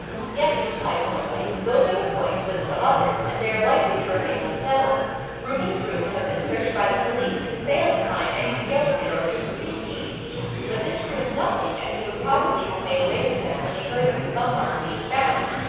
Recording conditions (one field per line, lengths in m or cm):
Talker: one person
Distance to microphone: 7.1 m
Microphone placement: far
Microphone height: 1.7 m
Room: very reverberant, large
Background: babble